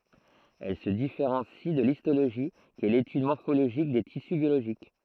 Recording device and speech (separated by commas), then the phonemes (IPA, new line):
throat microphone, read sentence
ɛl sə difeʁɑ̃si də listoloʒi ki ɛ letyd mɔʁfoloʒik de tisy bjoloʒik